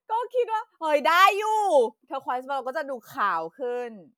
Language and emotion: Thai, happy